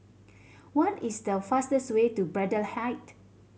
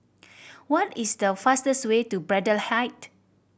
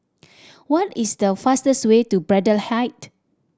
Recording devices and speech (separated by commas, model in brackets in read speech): mobile phone (Samsung C7100), boundary microphone (BM630), standing microphone (AKG C214), read sentence